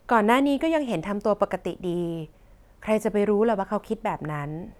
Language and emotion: Thai, neutral